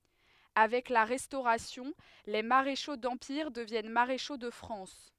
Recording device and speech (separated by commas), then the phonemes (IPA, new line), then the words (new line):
headset microphone, read sentence
avɛk la ʁɛstoʁasjɔ̃ le maʁeʃo dɑ̃piʁ dəvjɛn maʁeʃo də fʁɑ̃s
Avec la Restauration, les maréchaux d’Empire deviennent maréchaux de France.